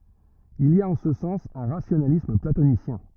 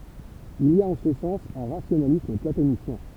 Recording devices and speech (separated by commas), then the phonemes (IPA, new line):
rigid in-ear microphone, temple vibration pickup, read sentence
il i a ɑ̃ sə sɑ̃s œ̃ ʁasjonalism platonisjɛ̃